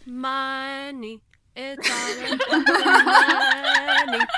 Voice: in a sing-song voice